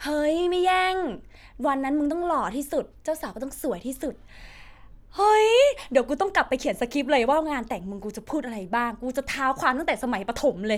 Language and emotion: Thai, happy